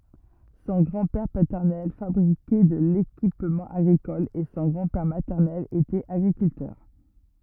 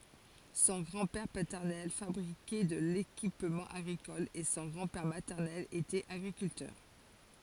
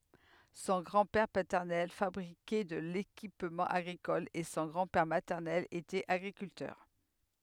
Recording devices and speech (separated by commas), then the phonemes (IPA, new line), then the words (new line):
rigid in-ear microphone, forehead accelerometer, headset microphone, read sentence
sɔ̃ ɡʁɑ̃dpɛʁ patɛʁnɛl fabʁikɛ də lekipmɑ̃ aɡʁikɔl e sɔ̃ ɡʁɑ̃dpɛʁ matɛʁnɛl etɛt aɡʁikyltœʁ
Son grand-père paternel fabriquait de l'équipement agricole et son grand-père maternel était agriculteur.